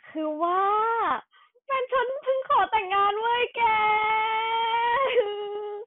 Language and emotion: Thai, happy